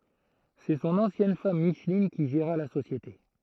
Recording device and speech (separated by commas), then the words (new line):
throat microphone, read sentence
C'est son ancienne femme Micheline qui géra la société.